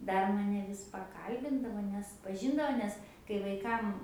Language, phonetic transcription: Lithuanian, ˈdar ˈmane ˈvis paˈkalbindavo nes paˈžindavo ˈnes kai vaiˈkam

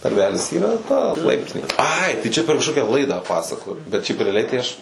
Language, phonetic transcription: Lithuanian, narˈvelis ˈyra ˈta ˈlaiptinė ˈai tai ˈčia per kažˈkokia ˈlaidą ˈpasakojo bet šiaip reaˈliai tai ˈaš

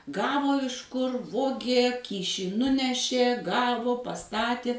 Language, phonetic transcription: Lithuanian, ˈgavo ˈiš kur ˈvogė ˈkyšį ˈnunešė ˈgavo paˈstati

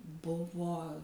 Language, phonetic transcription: Lithuanian, ˈbuvo

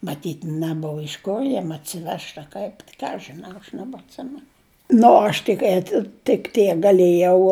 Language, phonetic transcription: Lithuanian, maˈtyt' neˈbova iš ˈko ˈjiem atsiˈvežt a ˈkaip ˈką aš žiˈnau aš nebatˈsimenu ˈnu o ˈaš tik ˈeti tik ˈtiek gaˈlėjau

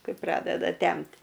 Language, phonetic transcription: Lithuanian, ˈkai ˈpradeda ˈtemt'

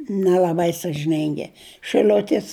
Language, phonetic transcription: Lithuanian, nel'aˈbai sažiˈningi šɨˈl'utis

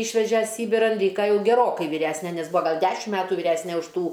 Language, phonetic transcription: Lithuanian, ˈyšveže ˈsybiran ˈlyka ˈjau geˈrokai vyˈræsne nes ˈbua ˈgal ˈdešim ˈmetu vyˈræsne už ˈtų

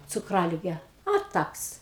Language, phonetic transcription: Lithuanian, cukˈralige a ˈtaks

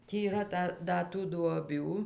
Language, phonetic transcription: Lithuanian, ˈtį yˈra ˈta ˈda tų duoˈbių

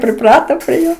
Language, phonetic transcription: Lithuanian, priˈprato prie ˈjo

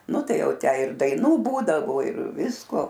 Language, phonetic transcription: Lithuanian, nu ˈtai ˈjau ˈtę ir daiˈnų ˈbūdavo ir ˈvisko

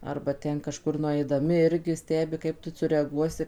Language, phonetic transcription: Lithuanian, arba ˈten kaˈžkur nuaidaˈmi ˈirgi ˈstebi ˈkaip tu sureaˈguosi

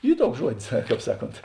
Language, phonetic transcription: Lithuanian, ˈy ˈtuoks ˈžuodis ˈkāp ˈsaˌkont

